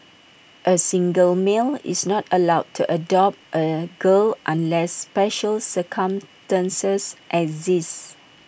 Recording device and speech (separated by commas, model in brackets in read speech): boundary microphone (BM630), read sentence